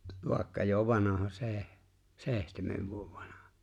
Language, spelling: Finnish, vaikka jo vanha - seitsemän vuotta vanha
- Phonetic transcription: 'vài̬kka jo 'vanaha "se̬e̬h- , 'se̬e̬htemev vuov 'vanᴀʜᴀ .

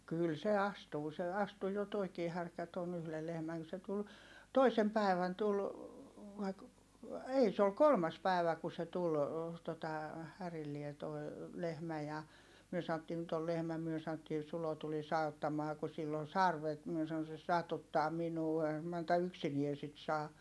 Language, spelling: Finnish, kyllä se astuu se astuu jo tuokin härkä tuon yhden lehmän kun se tuli toisena päivänä tuli vai - ei se oli kolmas päivä kun se tuli tuota härilleen tuo lehmä ja me sanottiin nyt oli lehmä me sanottiin Sulo tulisi auttamaan kun sillä on sarvet minä sanoin se satuttaa minua eihän Manta yksinään sitä saa
- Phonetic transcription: kyl se astuu se astu jo toikii härkä ton yhle lehmäŋ ku se tul , toisem pä̀i̮vän tul , vai ‿k- , ei se ol kolmas pä̀i̮vä ku se tul , tota , härillie toi̮ , lehmä ja , myö sa₍ottii » nyt ‿ol lehmä » myö saⁿottii » Sulo tulis auttamaa ku sill ‿on sarvet » mie sa₍on » se satuttaa minuu - eihäm Manta yksinie sit saa » .

